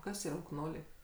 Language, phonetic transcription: Lithuanian, ˈkas yˈra ukˈnoliai

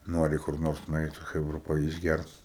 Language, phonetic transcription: Lithuanian, ˈnori kur ˈnors nuˈeit su ˈchɜbra pa išˈgært

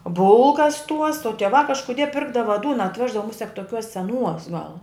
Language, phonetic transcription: Lithuanian, ˈbulkas tuos o tieˈva kažkuˈdie ˈpirkdava ˈdūna atˈveždava ˈmusek toˈkiuos seˈnuos gal

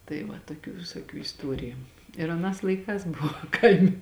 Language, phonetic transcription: Lithuanian, tai ˈva toˈkių visoˈkių isˈtuoriju ir aˈnās laiˈkās ˈbuvo ˈkaimi

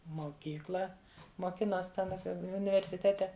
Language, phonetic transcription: Lithuanian, moˈkykla moˈkinos' ten ˈapie universiˈtete

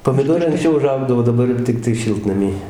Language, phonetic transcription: Lithuanian, pomiˈdorai ankˈsčiau uˈžaugdavo daˈbar jo ˈtiktai ˈšiltnamy

